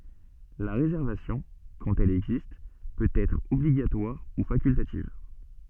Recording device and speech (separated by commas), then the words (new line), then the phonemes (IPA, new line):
soft in-ear microphone, read sentence
La réservation, quand elle existe, peut être obligatoire ou facultative.
la ʁezɛʁvasjɔ̃ kɑ̃t ɛl ɛɡzist pøt ɛtʁ ɔbliɡatwaʁ u fakyltativ